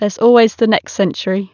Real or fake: real